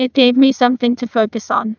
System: TTS, neural waveform model